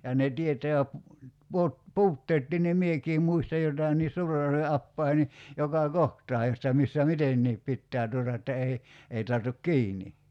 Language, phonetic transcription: Finnish, ja ne 'tieteä , puo- , "puutteettii ni "miekii muista 'jotai nii 'S̀uure[j]ärve 'appai(he) ni , 'jokà "kohtaa jotta 'missä "mitenniip 'pittää tuota että 'ei , 'ei tartuk "kiini .
- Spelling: ja ne tietää - puutteetkin niin minäkin muistan jotakin niin Suurenjärven apajien niin joka kohtaa jotta missä mitenkin pitää tuota että ei ei tartu kiinni

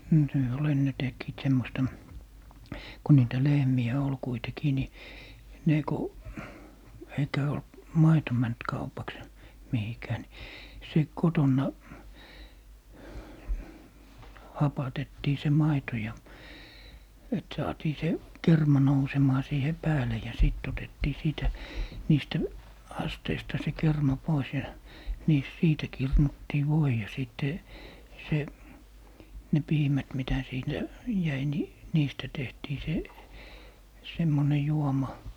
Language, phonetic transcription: Finnish, No se ol 'enne 'tekkiit 'semmosta , ku 'niitä "lehmi₍ä 'ol 'kuitekii ni , 'ne ku , 'eikä ol(t) , "maito mänt 'kaupaks , 'mihikää ni , se "kotonna , 'hapatettii se 'maito ja , et 'saatii se , "kerma 'nousemaa siihe 'pääle ja sìt otettii 'siitä , 'niistä , 'asteista se 'kerma 'pois ja niis - 'siitä 'kirnuttii "voi ja 'sìtte , 'se , 'ne "piimät mitä 'siintä , 'jäi ni , 'niistä tehtii 'se , 'semmone 'juoma .
- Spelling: no se oli ennen tekivät semmoista kun niitä lehmiä oli kuitenkin niin ne kun eikä ollut maito mennyt kaupaksi mihinkään niin se kotona hapatettiin se maito ja että saatiin se kerma nousemaan siihen päälle ja sitten otettiin siitä niistä asteista se kerma pois ja niissä siitä kirnuttiin voi ja sitten se ne piimät mitä siitä jäi niin niistä tehtiin se semmoinen juoma

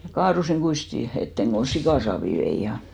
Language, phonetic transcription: Finnish, ja 'kaarusiŋ 'ɢuisti , 'etteŋ kon̬ "sikàsaavi 'vei ja ,.
- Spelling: ja kaaduin kuistin eteen kun sikasaavia vein ja

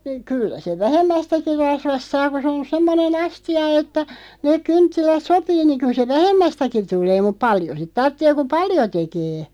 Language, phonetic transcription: Finnish, 'kyllä sev "vähemmästäki 'rasvast 'saa ku sᵉ on "semmone'n ‿asti₍a että , neeᵏ 'kynttilät "sopii niᵑ 'kyl se "vähemmästäki 'tul̀ee muᵖ "paljo sit 'tarttee ku "paljo 'tekee .
- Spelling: kyllä sen vähemmästäkin rasvasta saa kun se on semmoinen astia että ne kynttilät sopii niin kyllä se vähemmästäkin tulee mutta paljon sitä tarvitsee kun paljon tekee

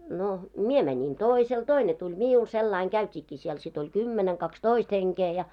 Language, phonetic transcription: Finnish, no , "mie 'mänin "tòisel , 'toine tuĺ 'miul , sellaiŋ 'ɢäyt́iikkii siel sit ‿oĺ "kymmeneŋ 'kaks"toist 'heŋkee ja .
- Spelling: no minä menin toiselle toinen tuli minulle sillä lailla käytiinkin siellä sitten oli kymmenen kaksitoista henkeä ja

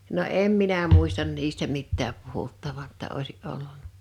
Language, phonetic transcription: Finnish, no "em minä 'mùistan 'niistä 'mittääp 'puhuttavan ‿tta 'òisi’ '’olluǹa .
- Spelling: no en minä muista niistä mitään puhuttavan jotta olisi ollut

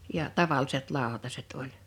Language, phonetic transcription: Finnish, ja , 'tavalliset 'lào̭taset oĺ .
- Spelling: ja tavalliset lautaset oli

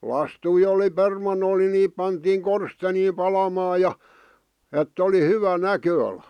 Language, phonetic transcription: Finnish, 'lastui oli 'perman̆nol ni 'niip pantiiŋ "korsteniim 'palamaaj̆ ja , 'ett ‿oli 'hyvä "näkö₍alᴀ .
- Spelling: lastuja oli permannolla niin niitä pantiin korsteeniin palamaan ja että oli hyvä näköala

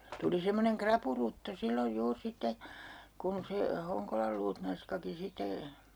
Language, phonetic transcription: Finnish, tuli 'semmoneŋ "krapurutto 'silloj 'juur 'sitte , 'kun se , 'Hoŋkolal luutnanskaki site ,.
- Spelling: tuli semmoinen rapurutto silloin juuri sitten kun se Honkolan luutnanskakin sitten

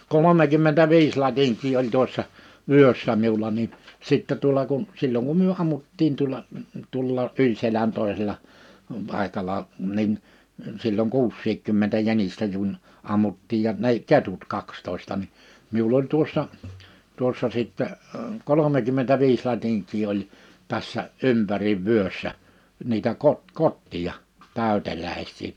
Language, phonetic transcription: Finnish, 'kolomekymmentä'viis 'latiŋk̀ii oĺ "tᵘossa , 'vyössa 'miula nin , 'sìttɛ tuola kun , 'sil̜l̜oŋ kum 'myö 'ammuttiin tuola , 'tuolla '’yĺ selän 'tòesella , 'pàekal̀a , 'nin , 'sil̜l̜oŋ "kuussiikkymmentä 'jänistä jun , 'ammuttiij ja ne(h)ik "ketut 'kakstòi̬sta ni , 'miul ‿oĺ tuossa , 'tuossa sìttɛ , 'kolomekymmentä'viis 'latiŋk̀ii oĺ , 'tässä , 'ympäriv̆ 'vyössä , 'niitä kot- , "kotti₍a , 'tä̀ytelä̀is̆sii .
- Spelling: kolmekymmentäviisi latinkia oli tuossa vyössä minulla niin sitten tuolla kun silloin kun me ammuttiin tuolla tuolla yli selän toisella paikalla niin silloin kuusikymmentä jänistä kun ammuttiin ja nekin ketut kaksitoista niin minulla oli tuossa tuossa sitten kolmekymmentäviisi latinkia oli tässä ympäri vyössä niitä - kotteja täyteläisiä

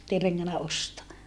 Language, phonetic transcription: Finnish, [et]tei reŋŋänä ostoa .
- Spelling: että ei rengännyt ostaa

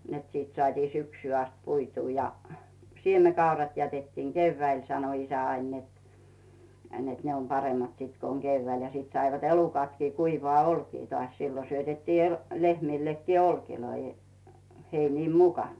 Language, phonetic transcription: Finnish, net siit sᵒat͕ii 'syksy ast 'puituu ja , 'siemekaurat jätettiiŋ "keyvväil sano isä 'ain net , net ne om 'paremmat siit ko oŋ 'Geyvväil ja sìt saivat 'elukatkii kuivᵒaa 'olkii tᵒàś 'siilo syötettii el- , 'lehmìllekkii "olkiloi , 'heiniim "mukàn .
- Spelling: että sitten saatiin syksyyn asti puitua ja siemenkaurat jätettiin keväällä sanoi isä aina että että ne on paremmat sitten kun on keväällä ja sitten saivat elukatkin kuivaa olkea taas silloin syötettiin - lehmillekin olkia heinien mukana

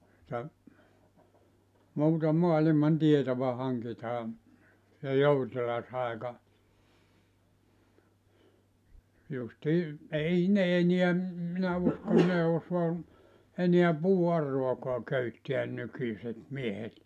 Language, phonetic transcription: Finnish, [tuo]ta , 'muuta 'moaliman "tietova 'haŋkitaa , ja "joutilas 'àeka , justii , "ei ne 'eniä , em minä usko (ei ne) 'osua , 'eniä "puu₍'arroakoa 'köyttiän 'nykyśet 'miehet .
- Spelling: tuota muuta maailman tietoa hankitaan ja joutilas aika justiin ei ne enää en minä usko ei ne osaa enää puuauraakaan köyttää nykyiset miehet

